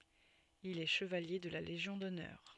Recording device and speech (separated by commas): soft in-ear microphone, read sentence